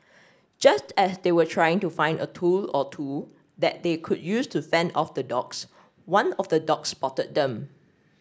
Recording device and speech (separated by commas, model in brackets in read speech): standing microphone (AKG C214), read sentence